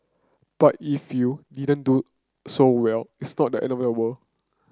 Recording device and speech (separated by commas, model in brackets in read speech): close-talking microphone (WH30), read sentence